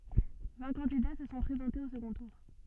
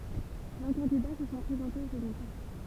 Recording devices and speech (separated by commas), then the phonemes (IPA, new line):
soft in-ear microphone, temple vibration pickup, read sentence
vɛ̃ kɑ̃dida sə sɔ̃ pʁezɑ̃tez o səɡɔ̃ tuʁ